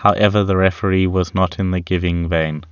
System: none